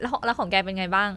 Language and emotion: Thai, neutral